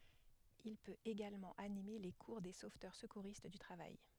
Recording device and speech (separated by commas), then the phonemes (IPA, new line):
headset microphone, read sentence
il pøt eɡalmɑ̃ anime le kuʁ de sovtœʁ səkuʁist dy tʁavaj